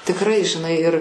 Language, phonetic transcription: Lithuanian, tikˈrai žiˈnai ir

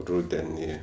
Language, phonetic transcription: Lithuanian, ˈrudenį

